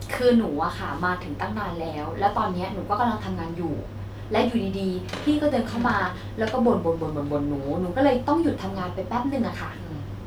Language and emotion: Thai, frustrated